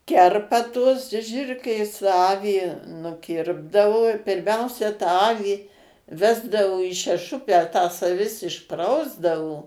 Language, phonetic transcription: Lithuanian, ˈkerpa tuos ˈžirklės ˈavį nuˈkirpdavo pirˈmiausia tą ˈavį ˈvesdavo į šeˈšupę tas aˈvis išˈprausdavo

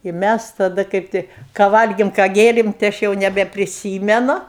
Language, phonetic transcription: Lithuanian, i ˈmæs taˈda ˈkaip tai ką ˈvalgėm ką ˈgėrėm tai ˈaš jau nebepriˈsymenu

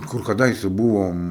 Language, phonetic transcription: Lithuanian, kur kaˈdaise ˈbuvom

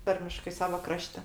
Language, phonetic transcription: Lithuanian, ˈtarmiškai ˈsava ˈkrašte

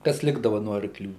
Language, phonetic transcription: Lithuanian, kas ˈlikdava no arkˈlių

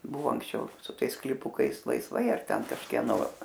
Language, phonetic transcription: Lithuanian, ˈbuvo anksˈčiau su ˈtais sklyˈpukais laisˈvai ar ˈten kažkieˈno

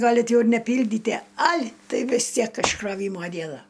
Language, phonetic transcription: Lithuanian, ˈgalit ˈjau ir neˈpyldytie al' ˈtai vis ˈtiek iškroˈvymo ˈdiena

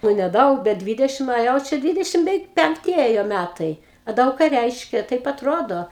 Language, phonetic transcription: Lithuanian, ˈnu neˈdaug bet ˈdvidešim o ˈjau ˈčia ˈdvidešim beˈveik penkˈti ˈėjo ˈmætai a ˈdaug ką ˈreiškia ˈtaip atˈrodo

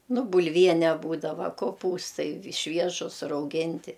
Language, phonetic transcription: Lithuanian, nu bulˈviene ˈbūdava koˈpūstai ˈšviežus rauˈginti

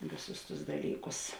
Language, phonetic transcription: Lithuanian, ˈvėˌsus tus ˈdalyˌkus

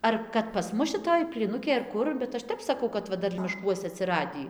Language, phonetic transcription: Lithuanian, ˈar kad pas ˈmus šiˈtoj plyˈnukėj ar ˈkur bet ˈaš ˈtep saˈkau kad ˈva ˈdar mišˈkuose atsiˈradį

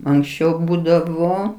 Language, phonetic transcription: Lithuanian, anksˈčiau ˈbūdavo

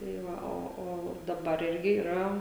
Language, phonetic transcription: Lithuanian, tai ˈva ˈo o daˈbar ˈirgi yˈra

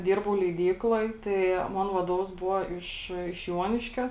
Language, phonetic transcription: Lithuanian, ˈdirbau leiˈdykloj tai ˈmon vaˈdovas ˈbuvo iš iš ˈjuoniškio

